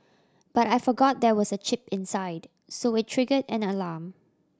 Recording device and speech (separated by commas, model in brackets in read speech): standing microphone (AKG C214), read sentence